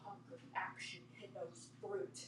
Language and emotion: English, disgusted